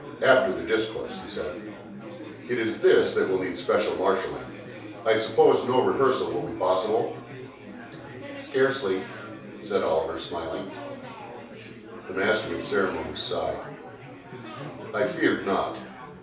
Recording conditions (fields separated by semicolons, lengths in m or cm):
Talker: one person; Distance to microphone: 3.0 m; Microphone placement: far; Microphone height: 1.8 m; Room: small (3.7 m by 2.7 m); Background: babble